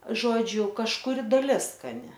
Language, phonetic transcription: Lithuanian, ˈžodžiu kažkuˈri daˈlis skaˈni

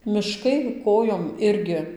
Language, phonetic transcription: Lithuanian, miˈškai ˈkojom ˈirgi

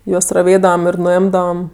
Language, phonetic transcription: Lithuanian, ˈjuos raˈvėdavam ir nuˈimdavam

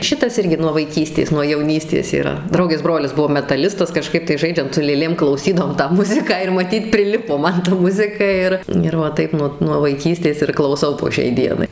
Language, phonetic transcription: Lithuanian, ˈšitas ˈirgi nuo vaiˈkystės nuo jauˈnystės yˈra ˈdraugės ˈbrolis ˈbuvo metaˈlistas kaˈžkaip tai ˈžaidžiant su lėˈlėm klauˈsydavom tą ˈmuziką ir maˈtyt prˈilipo ˈman ta ˈmuzika ˈir ir va ˈtaip nuo nuo vaiˈkystės ir klauˈsau po ˈšiai ˈdienai

